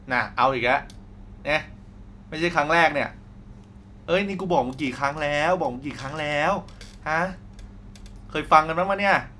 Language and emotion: Thai, frustrated